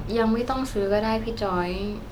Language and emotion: Thai, sad